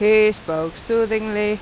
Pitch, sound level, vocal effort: 210 Hz, 89 dB SPL, very loud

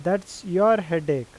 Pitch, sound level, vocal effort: 185 Hz, 91 dB SPL, loud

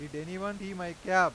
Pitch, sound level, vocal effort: 185 Hz, 99 dB SPL, very loud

